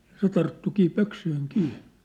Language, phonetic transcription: Finnish, ja 'se tarttukii 'pöksyihiŋ 'kii .
- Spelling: ja se tarttuikin pöksyihin kiinni

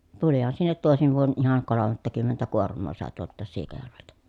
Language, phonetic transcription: Finnish, tulihan sinnet tòesiv vuon ʼihaŋ kolom̆mattakymmentä kuorm̆moo sàe tuolt̆taas Siikajärveltä .
- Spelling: tulihan sinne toisena vuonna ihan kolmattakymmentä kuormaa sai tuolta Siikajärveltä

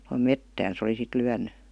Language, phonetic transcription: Finnish, (tohom) "mettään se oli sit 'lyänny .
- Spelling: tuohon metsään se oli sitten lyönyt

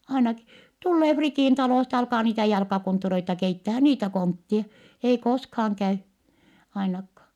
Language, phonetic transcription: Finnish, ainaki , tullee Fritìn talòsta ja alkaa niitä jalkakonttureita keittähä - niitä konttie , ei koskhaaŋ käy , ainakkaa . »
- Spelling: ainakin tulee Fritin talosta ja alkaa niitä jalkakonttureita keittämään niitä kontteja ei koskaan käy ainakaan

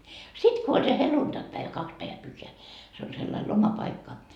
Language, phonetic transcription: Finnish, 'sit ko oĺ se 'heluntakpäevä 'kaks päevä 'pyhheä se ol sellail "lomapaikka .
- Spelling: sitten kun oli se helluntaipäivä kaksi päivää pyhää se oli sellainen lomapaikka

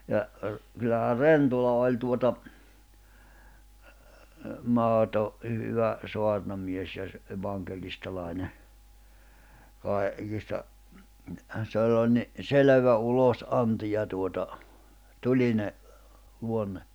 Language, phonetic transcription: Finnish, ja , r̥- , kyllähä "Rentola oĺ tuota , 'mahoto , hy- 'hyvä , 'soarnamies ja ‿s- , 'evaŋkelistalàine , kai̬- , -kista , sell ‿oĺ ni , "selᵉvä 'ulos’anti ja tuota , 'tuĺine , luonne .
- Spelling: ja - kyllähän Rentola oli tuota mahdoton - hyvä saarnamies ja - evankelistalainen - kaikista sillä oli niin selvä ulosanti ja tuota tulinen luonne

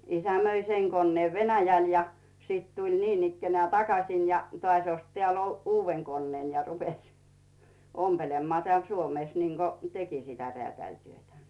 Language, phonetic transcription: Finnish, 'isä möi "seŋ konneev 'Venäjäl ja , 'sìt tuĺ "niinikkenää takasin̳ ja 'toàś ost teä̀l "uuvven 'konneen ja 'rupeś , 'ompelemmaa teä̀l 'Suomès niiŋɢo 'teki sitä 'reä̀tä̀ĺtyötä .
- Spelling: isä myi sen koneen Venäjälle ja sitten tuli niinikään takaisin ja taas osti täällä uuden koneen ja rupesi ompelemaan täällä Suomessa niin kuin teki sitä räätälityötä

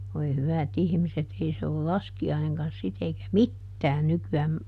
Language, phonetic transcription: Finnish, voi ˈhyvä"t ‿ihmiset ˈei se ol "laski₍aineŋkan ˈsit ‿eikä "mittään ˈnyky₍ääm ,.
- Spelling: voi hyvät ihmiset ei se ole laskiainenkaan sitten eikä mitään nykyään

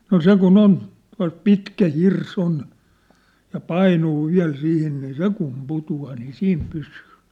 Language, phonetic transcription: Finnish, no "se kun "on , tua̭lt "pitkä "hir's ‿on , ja "painuu "viä̬l 'sihin nii "se kum 'putu₍aa nii 'siim 'pysyy !
- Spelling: no se kun on tuolta pitkä hirsi on ja painuu vielä siihen niin se kun putoaa niin siinä pysyy

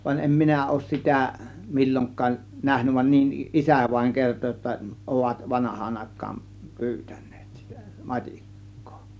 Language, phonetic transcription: Finnish, vań 'em "minä 'òŭs "sitä , "mil͕l͕oŋk̆kaaˀ , "nähnyv va niˀ , "ˀisä̀ vaĭŋ 'kerto jotta , 'ovat "vanah̀aan 'àėk̆kaan , "pyytÄN̆NEEt sItÄ , "mat͕ik̀kOO .
- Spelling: vaan en minä ole sitä milloinkaan nähnyt vaan niin isä vain kertoi jotta ovat vanhaan aikaan pyytäneet sitä matikkaa

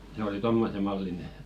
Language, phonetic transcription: Finnish, se oli "tommose 'malline .
- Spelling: se oli tuommoisen mallinen

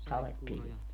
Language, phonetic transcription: Finnish, 'saleppilvi .
- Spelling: sadepilvi

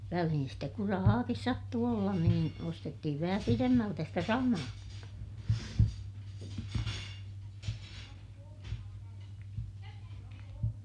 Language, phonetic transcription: Finnish, välihin stek kur rahaakis sattuu ollan niin , ostettihiv vähä piremmältä stä samaa(kik kaŋ-) .
- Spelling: väliin sitten kun rahaakin sattui olla niin ostettiin vähän pidemmältä sitä samaakin -

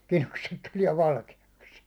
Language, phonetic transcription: Finnish, 'kilukset tuliɛ 'valke₍aks .
- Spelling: kidukset tulee valkeaksi

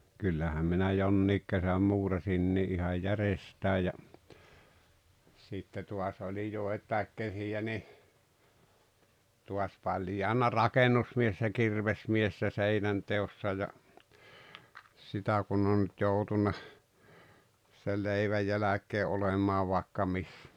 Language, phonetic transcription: Finnish, 'kyllähäm minä 'jonniik kesäm 'muurasinni "ihaj "järestää ja , 'sitte tuas oĺi 'joet̀àek kesi₍ä ni , tuas 'paĺjaana "rakenusmies ja "kirvesmies ja 'seinänteossa ja , 'sitä kun ‿on nyt 'joutuna , sel 'leiväj jäläk̆kee 'olemaa vàekka 'missᴀ̈ .
- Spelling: kyllähän minä jonkin kesän muurasinkin ihan järjestään ja sitten taas oli joitakin kesiä niin taas paljaana rakennusmies ja kirvesmies ja seinänteossa ja sitä kun on nyt joutunut sen leivän jälkeen olemaan vaikka missä

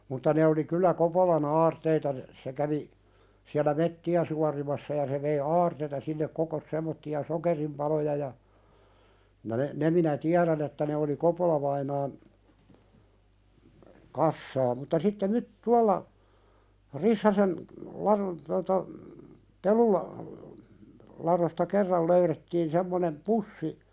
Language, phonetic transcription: Finnish, mutta ne oli kyllä 'Kopola"h ‿aarteita n- , se kävi , siälä "metti₍ä sua-rimassa ja se vei "aarteita sinnek 'kokos sem̆motti₍a "sokerimpaloja ja , ja ne , ne minä "tiäðän ‿että ne oli "Kopolavainaan , 'kassaa mutta sitte myt- 'tualla , 'Rissaseh , laðon tota , "pelula- , laðosta 'kerral löyðettiin semmonem "pussi ,.
- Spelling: mutta ne oli kyllä Kopolan aarteita - se kävi siellä metsiä suorimassa ja se vei aarteita sinne kokosi semmoisia sokerinpaloja ja ja ne ne minä tiedän että ne oli Kopola-vainaan kassaa mutta sitten - tuolla Rissasen ladon tuota - peluladosta kerran löydettiin semmoinen pussi

